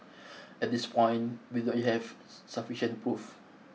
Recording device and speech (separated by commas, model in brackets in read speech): mobile phone (iPhone 6), read sentence